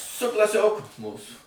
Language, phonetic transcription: Lithuanian, su klaˈsioku ˈmūsų

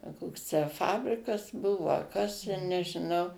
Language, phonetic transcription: Lithuanian, a ˈkoks tę ˈfabrikas ˈbuvo a ˈkas te nežiˈnau

